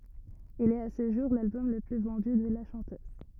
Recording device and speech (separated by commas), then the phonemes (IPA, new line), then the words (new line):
rigid in-ear microphone, read sentence
il ɛt a sə ʒuʁ lalbɔm lə ply vɑ̃dy də la ʃɑ̃tøz
Il est à ce jour l'album le plus vendu de la chanteuse.